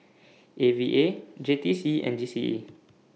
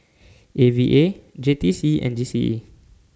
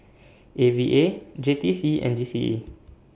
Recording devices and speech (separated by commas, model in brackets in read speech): mobile phone (iPhone 6), standing microphone (AKG C214), boundary microphone (BM630), read sentence